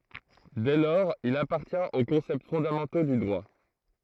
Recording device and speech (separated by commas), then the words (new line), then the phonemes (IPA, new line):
throat microphone, read sentence
Dès lors il appartient aux concepts fondamentaux du droit.
dɛ lɔʁz il apaʁtjɛ̃t o kɔ̃sɛpt fɔ̃damɑ̃to dy dʁwa